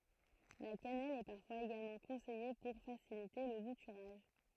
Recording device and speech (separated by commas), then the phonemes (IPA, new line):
throat microphone, read sentence
la kanɛl ɛ paʁfwaz eɡalmɑ̃ kɔ̃sɛje puʁ fasilite lə butyʁaʒ